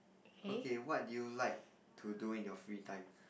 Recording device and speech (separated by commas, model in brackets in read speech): boundary microphone, conversation in the same room